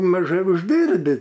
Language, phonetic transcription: Lithuanian, maˈžai užˈdyrbi

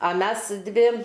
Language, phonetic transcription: Lithuanian, a ˈmes ˈdvi

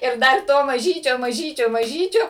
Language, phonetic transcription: Lithuanian, ir ˈdar ˈto maˈžyčio maˈžyčio maˈžyčio

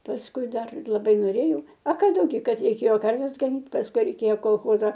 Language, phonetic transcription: Lithuanian, pasˈkui ˈdar laˈbai noˈrėjau a ˈką dauˈgi ˈkad reiˈkėjo ˈkarves gaˈnyt pasˈkui ˈreikėjo kolˈchoza

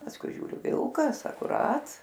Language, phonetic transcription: Lithuanian, pasˈkui ˈžiūriu ˈvilkas akuˈrat

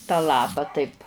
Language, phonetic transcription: Lithuanian, tą ˈlapa taip

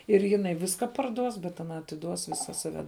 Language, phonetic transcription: Lithuanian, ir jiˈnai ˈviska parˈduos bet aˈna atiˈduos ˈvisa saˈve

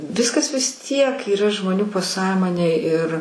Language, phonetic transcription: Lithuanian, ˈviskas vis ˈtiek yˈra žmoˈnių paˈsąmonėj ir

